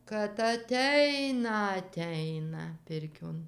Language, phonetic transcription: Lithuanian, kad aˈteina aˈteina ˈpirkion

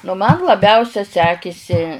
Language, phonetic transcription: Lithuanian, nu ˈman laˈbiausia ˈsekisi

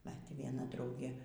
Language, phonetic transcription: Lithuanian, bet vieˈna ˈdraugė

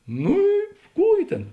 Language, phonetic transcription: Lithuanian, ˈnū i ˈkų i ˈtėn

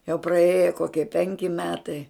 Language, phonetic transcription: Lithuanian, jau praˈėja ˈkokie ˈpenki ˈmetai

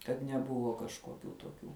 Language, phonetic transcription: Lithuanian, kad neˈbuvo kažkoˈkių toˈkių

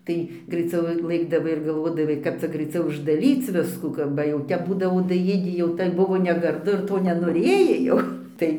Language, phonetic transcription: Lithuanian, ˈtai graiˈciau ˈlɘkdavai ir galˈvodavai ˈkap cia graiˈciau uždaˈryc ˈviskų ka ba jau ˈtep ˈbūdavo daˈjėdį jau tai ˈbuvo negarˈdu ir ˈto nenoˈrėjai jau ˈtai

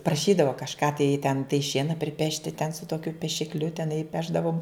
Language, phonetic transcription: Lithuanian, praˈšydavo kažˈką tai ten tai ˈšiena priˈpešti ten su tokiu pešikˈliu teˈnai ˈpešdavom

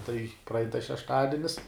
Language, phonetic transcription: Lithuanian, tai praˈain tas šešˈtadinis

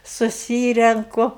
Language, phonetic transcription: Lithuanian, suˈsyrenku

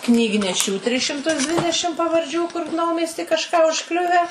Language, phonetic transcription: Lithuanian, knygneˈšių tris šimˈtus ˈdvidešim pavarˈdžių kur ˈnaumiesty kažˈką užˈkliuvę

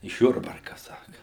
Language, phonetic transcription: Lithuanian, iš ˈjurbarka ˈsaka

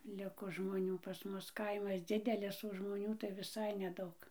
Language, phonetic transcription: Lithuanian, ˈliko žmoˈnių pas ˈmus ˈkaimas ˈdzidelis o žmoˈnių tai viˈsai neˈdaug

